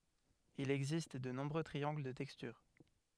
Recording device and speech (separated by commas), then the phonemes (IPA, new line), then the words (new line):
headset microphone, read sentence
il ɛɡzist də nɔ̃bʁø tʁiɑ̃ɡl də tɛkstyʁ
Il existe de nombreux triangles de texture.